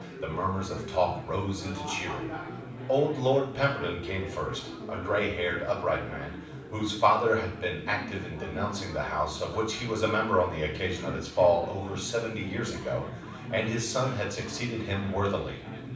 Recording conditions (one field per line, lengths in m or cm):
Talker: one person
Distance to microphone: 5.8 m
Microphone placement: far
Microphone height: 1.8 m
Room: medium-sized (5.7 m by 4.0 m)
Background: babble